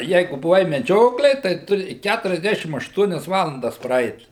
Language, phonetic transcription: Lithuanian, ˈjeigu buˈvai meˈdžioklėj tai ˈturi ˌkæturiasˈdešim ašˈtuonias ˈvalandas praˈeit

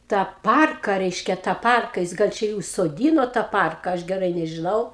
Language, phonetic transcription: Lithuanian, tą ˈparka ˈreiškia tą ˈparka ˈjis ˈgal ˈčia i užsoˈdyno tą ˈparka ˈaš geˈrai nežiˈnau

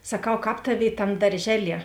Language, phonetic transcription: Lithuanian, saˈkau ˈkāp ˈtaˌvėi ˈtam darˈžeˌlie

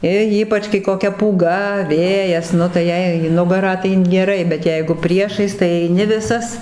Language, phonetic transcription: Lithuanian, i ˈypač kai koˈkia pūˈga ˈvėjas ˈnu tai ˈjei į ˈnugarą tai geˈrai bet ˈjeigu ˈpriešais tai eiˈni ˈvisas

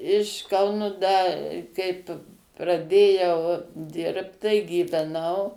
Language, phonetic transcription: Lithuanian, iš ˈkaunu ˈda ˈkaip praˈdėjau ˈdirbt tai gyveˈnau

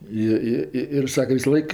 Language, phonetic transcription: Lithuanian, ˈi ˈi ˈi ir ˈsake visaˈlaik

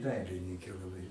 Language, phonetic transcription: Lithuanian, ˈdailininkė laˈbai

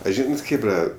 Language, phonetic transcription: Lithuanian, a ˈžynat ˈchėbra

